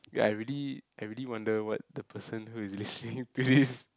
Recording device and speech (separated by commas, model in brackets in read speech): close-talking microphone, conversation in the same room